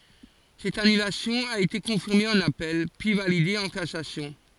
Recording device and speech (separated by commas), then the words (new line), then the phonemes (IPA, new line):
forehead accelerometer, read sentence
Cette annulation a été confirmée en appel, puis validée en cassation.
sɛt anylasjɔ̃ a ete kɔ̃fiʁme ɑ̃n apɛl pyi valide ɑ̃ kasasjɔ̃